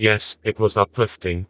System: TTS, vocoder